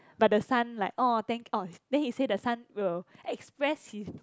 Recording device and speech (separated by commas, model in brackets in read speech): close-talking microphone, conversation in the same room